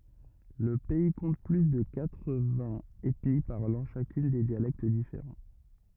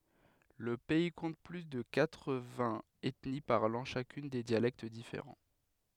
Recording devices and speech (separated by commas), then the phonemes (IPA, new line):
rigid in-ear microphone, headset microphone, read sentence
lə pɛi kɔ̃t ply də katʁ vɛ̃z ɛtni paʁlɑ̃ ʃakyn de djalɛkt difeʁɑ̃